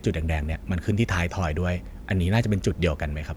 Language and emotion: Thai, neutral